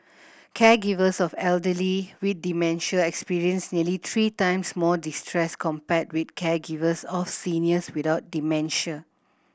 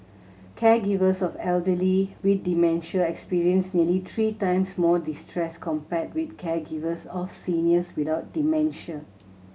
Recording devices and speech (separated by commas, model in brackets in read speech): boundary microphone (BM630), mobile phone (Samsung C7100), read sentence